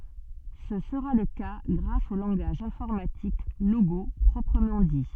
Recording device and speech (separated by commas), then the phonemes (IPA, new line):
soft in-ear microphone, read sentence
sə səʁa lə ka ɡʁas o lɑ̃ɡaʒ ɛ̃fɔʁmatik loɡo pʁɔpʁəmɑ̃ di